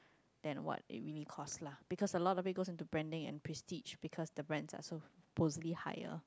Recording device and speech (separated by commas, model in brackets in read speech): close-talking microphone, conversation in the same room